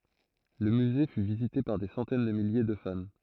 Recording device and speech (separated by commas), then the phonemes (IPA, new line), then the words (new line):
throat microphone, read sentence
lə myze fy vizite paʁ de sɑ̃tɛn də milje də fan
Le musée fut visité par des centaines de milliers de fans.